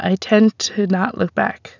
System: none